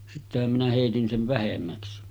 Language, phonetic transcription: Finnish, sittehäm minä hèitin 'sen̳§ 'vähemmäksi .
- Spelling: sittenhän minä heitin sen vähemmäksi

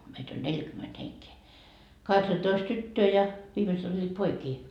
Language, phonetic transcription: Finnish, meit ‿oĺ "neĺkyment heŋkee , 'kaheksatoist "tyttöö ja , 'viimeset oĺĺiit "poikii .
- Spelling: meitä oli neljäkymmentä henkeä kahdeksantoista tyttöä ja viimeiset olivat poikia

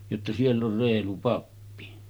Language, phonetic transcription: Finnish, jotta » siell ‿or "reelu 'pappi « .
- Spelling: jotta siellä on reilu pappi

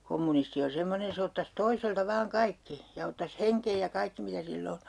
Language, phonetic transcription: Finnish, 'kommunisti on̬ 'semmonen̬ 'se ottas 'toiselta 'vaaŋ "kaikki , ja ottas "heŋkej ja 'kaikki mitä sil'l ‿o .
- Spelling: kommunisti on semmoinen se ottaisi toiselta vain kaikki ja ottaisi hengen ja kaikki mitä sillä on

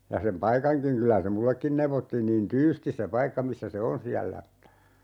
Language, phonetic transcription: Finnish, 'ja sem "paikaŋkiŋ 'kylä se "mullekkin 'neuvottiin niin "tyystis se 'paikka 'missä se "on siällä (että) ,.
- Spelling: ja sen paikankin kyllä se minullekin neuvottiin niin tyystin se paikka missä se on siellä että

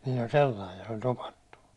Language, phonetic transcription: Finnish, niill ‿oĺ 'sellaij ja se oĺ 'topattu .
- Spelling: niillä oli sellainen ja se oli topattu

